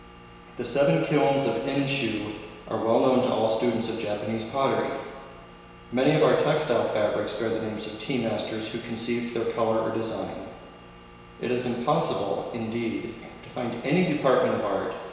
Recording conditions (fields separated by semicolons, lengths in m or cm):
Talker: one person; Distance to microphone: 1.7 m; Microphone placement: close; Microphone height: 1.0 m; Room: very reverberant, large; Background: none